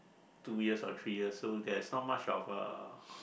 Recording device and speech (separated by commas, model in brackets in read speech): boundary microphone, conversation in the same room